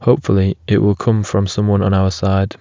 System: none